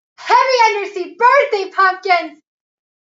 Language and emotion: English, happy